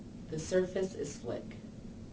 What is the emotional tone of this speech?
neutral